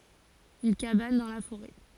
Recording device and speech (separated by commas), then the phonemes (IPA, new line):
forehead accelerometer, read sentence
yn kaban dɑ̃ la foʁɛ